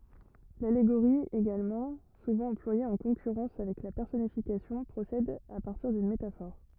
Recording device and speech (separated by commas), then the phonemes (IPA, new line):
rigid in-ear microphone, read sentence
laleɡoʁi eɡalmɑ̃ suvɑ̃ ɑ̃plwaje ɑ̃ kɔ̃kyʁɑ̃s avɛk la pɛʁsɔnifikasjɔ̃ pʁosɛd a paʁtiʁ dyn metafɔʁ